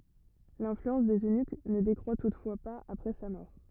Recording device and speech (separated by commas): rigid in-ear microphone, read sentence